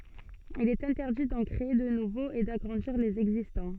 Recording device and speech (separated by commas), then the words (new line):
soft in-ear microphone, read sentence
Il est interdit d'en créer de nouveaux et d'agrandir les existants.